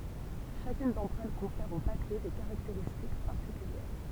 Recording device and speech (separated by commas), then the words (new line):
temple vibration pickup, read sentence
Chacune d'entre elles confère au papier des caractéristiques particulières.